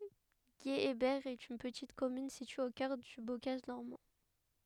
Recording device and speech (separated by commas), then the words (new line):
headset microphone, read sentence
Guéhébert est une petite commune située au cœur du bocage normand.